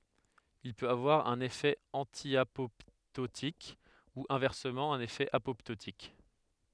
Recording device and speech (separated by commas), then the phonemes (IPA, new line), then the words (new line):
headset microphone, read sentence
il pøt avwaʁ œ̃n efɛ ɑ̃tjapɔptotik u ɛ̃vɛʁsəmɑ̃ œ̃n efɛ apɔptotik
Il peut avoir un effet antiapoptotique, ou, inversement, un effet apoptotique.